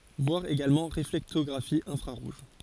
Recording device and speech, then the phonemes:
forehead accelerometer, read sentence
vwaʁ eɡalmɑ̃ ʁeflɛktɔɡʁafi ɛ̃fʁaʁuʒ

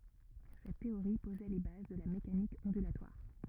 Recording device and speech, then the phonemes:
rigid in-ear microphone, read sentence
sɛt teoʁi pozɛ le baz də la mekanik ɔ̃dylatwaʁ

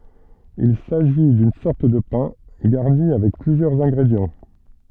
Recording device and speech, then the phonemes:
soft in-ear microphone, read sentence
il saʒi dyn sɔʁt də pɛ̃ ɡaʁni avɛk plyzjœʁz ɛ̃ɡʁedjɑ̃

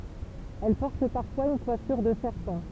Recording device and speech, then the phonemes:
temple vibration pickup, read sentence
ɛl pɔʁt paʁfwaz yn kwafyʁ də sɛʁpɑ̃

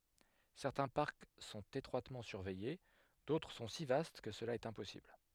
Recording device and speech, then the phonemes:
headset microphone, read sentence
sɛʁtɛ̃ paʁk sɔ̃t etʁwatmɑ̃ syʁvɛje dotʁ sɔ̃ si vast kə səla ɛt ɛ̃pɔsibl

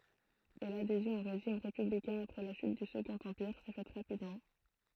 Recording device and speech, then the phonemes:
throat microphone, read sentence
e ladezjɔ̃ o ʁeʒim ʁepyblikɛ̃ apʁɛ la ʃyt dy səɡɔ̃t ɑ̃piʁ sɛ fɛt ʁapidmɑ̃

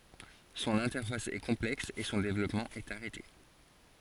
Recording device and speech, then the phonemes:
forehead accelerometer, read sentence
sɔ̃n ɛ̃tɛʁfas ɛ kɔ̃plɛks e sɔ̃ devlɔpmɑ̃ ɛt aʁɛte

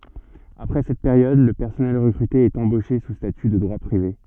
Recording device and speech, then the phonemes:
soft in-ear microphone, read sentence
apʁɛ sɛt peʁjɔd lə pɛʁsɔnɛl ʁəkʁyte ɛt ɑ̃boʃe su staty də dʁwa pʁive

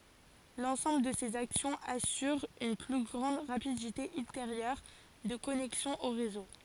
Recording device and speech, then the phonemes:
forehead accelerometer, read sentence
lɑ̃sɑ̃bl də sez aksjɔ̃z asyʁ yn ply ɡʁɑ̃d ʁapidite ylteʁjœʁ də kɔnɛksjɔ̃ o ʁezo

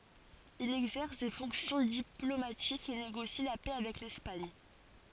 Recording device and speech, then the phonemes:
forehead accelerometer, read sentence
il ɛɡzɛʁs de fɔ̃ksjɔ̃ diplomatikz e neɡosi la pɛ avɛk lɛspaɲ

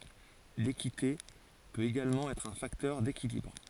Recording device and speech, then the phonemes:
forehead accelerometer, read sentence
lekite pøt eɡalmɑ̃ ɛtʁ œ̃ faktœʁ dekilibʁ

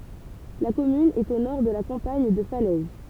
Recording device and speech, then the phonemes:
temple vibration pickup, read sentence
la kɔmyn ɛt o nɔʁ də la kɑ̃paɲ də falɛz

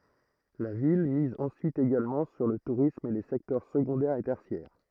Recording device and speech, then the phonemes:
throat microphone, read sentence
la vil miz ɑ̃syit eɡalmɑ̃ syʁ lə tuʁism e le sɛktœʁ səɡɔ̃dɛʁ e tɛʁsjɛʁ

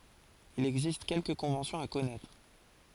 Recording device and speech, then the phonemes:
forehead accelerometer, read sentence
il ɛɡzist kɛlkə kɔ̃vɑ̃sjɔ̃z a kɔnɛtʁ

